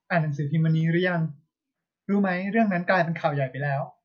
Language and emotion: Thai, neutral